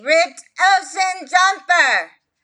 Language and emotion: English, angry